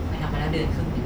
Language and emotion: Thai, frustrated